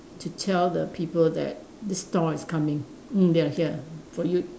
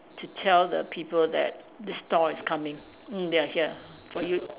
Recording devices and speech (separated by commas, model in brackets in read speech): standing microphone, telephone, conversation in separate rooms